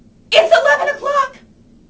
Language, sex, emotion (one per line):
English
female
fearful